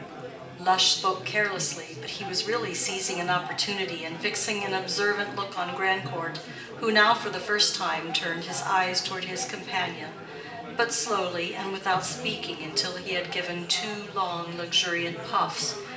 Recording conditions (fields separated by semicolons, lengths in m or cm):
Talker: one person; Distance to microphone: 1.8 m; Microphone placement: close; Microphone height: 1.0 m; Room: large; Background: babble